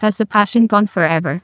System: TTS, neural waveform model